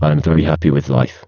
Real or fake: fake